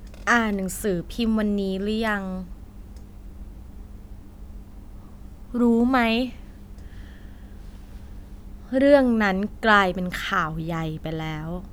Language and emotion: Thai, neutral